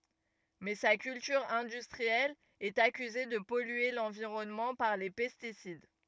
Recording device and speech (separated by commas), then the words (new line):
rigid in-ear microphone, read sentence
Mais sa culture industrielle est accusée de polluer l'environnement par les pesticides.